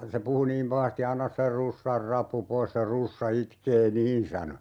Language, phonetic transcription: Finnish, se 'puhu niim "pahasti » 'anna se 'russar "rappu 'pois se 'russa 'itkee "niin » sano .
- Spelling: se puhui niin pahasti anna se russan rappu pois se russa itkee niin sanoi

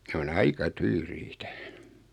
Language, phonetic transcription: Finnish, 'ne on "aika "tyyriitä .
- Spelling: ne on aika tyyriitä

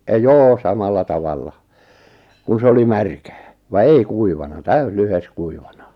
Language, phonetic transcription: Finnish, 'joo 'samalla 'tavalla , kun̬ 'se oli "märkää , va "ei "kuivana "täys "lyhes 'kuivana .
- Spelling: joo samalla tavalla kun se oli märkää vaan ei kuivana täysi lyhde kuivana

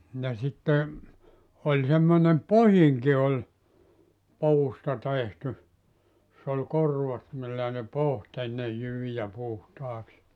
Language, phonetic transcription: Finnish, ja sitte , 'oĺ semmonem "pohiŋki oĺ , 'puusta tehty , [jos]s ‿oĺ 'korvat millä̀ ne "poht ‿ennej 'jyvijä 'puhtaaks .
- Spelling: ja sitten oli semmoinen pohdinkin oli puusta tehty jossa oli korvat millä ne pohti ennen jyviä puhtaaksi

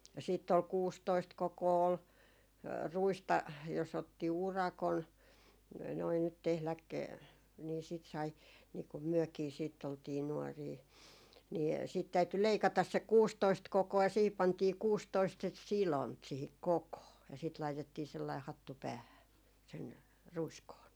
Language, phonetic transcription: Finnish, ja siitt ‿ol 'kuustoist "kokoo ol , 'ruista , jos ‿otti "urakon , noi nyt tehläk , nii sìt sai nii kum 'myökii siitt ‿oltii 'nuɔrii , nii siit täyty 'leikatas se "kuustoist 'koko₍a ja 'siihip 'pantii "kuustoist sit "silont siihik "kokoo , ja sit laitettii 'sellaih "hattu 'päähä , sen , 'ruiskoon .
- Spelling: ja sitten oli kuusitoista kokoa oli ruista jos otti urakan noin nyt tehdä niin sitten sai niin kun mekin sitten oltiin nuoria niin sitten täytyi leikata se kuusitoista kokoa ja siihen pantiin kuusitoista sitten sidonta siihen kokoon ja sitten laitettiin sellainen hattu päähän sen ruiskoon

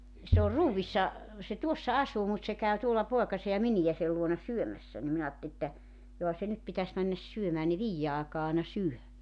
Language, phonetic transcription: Finnish, se or "ruuvissa , se "tuossa 'asuu mut se käy tuolla 'poekase ja 'minijäsel luona "syömässä ni 'minä aatt[elin] ‿että , 'joha se 'nyt pitäs männäs 'syömää ne "viijje aakaa àena 'syö .
- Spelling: se on ruoissa se tuossa asuu mutta se käy tuolla poikansa ja miniänsä luona syömässä niin minä ajattelin että johan se nyt pitäisi mennä syömään ne viiden aikaan aina syö

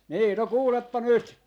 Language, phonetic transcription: Finnish, 'nii no "kuuleppa 'nyt .
- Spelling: niin no kuulepa nyt

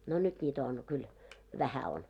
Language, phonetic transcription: Finnish, no 'nyt ńiitä on , 'kyl , 'vähä on .
- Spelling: no nyt niitä on kyllä vähän on

